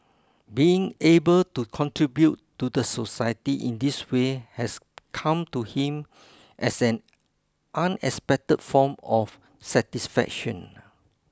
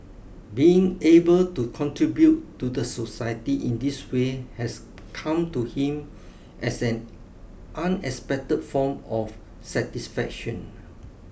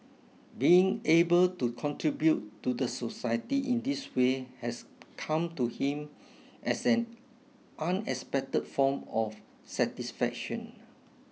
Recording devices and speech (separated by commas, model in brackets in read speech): close-talking microphone (WH20), boundary microphone (BM630), mobile phone (iPhone 6), read sentence